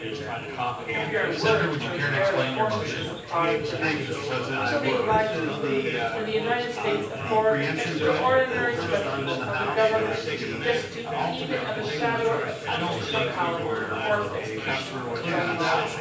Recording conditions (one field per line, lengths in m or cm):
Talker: one person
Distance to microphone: 9.8 m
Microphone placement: far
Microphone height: 1.8 m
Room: large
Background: babble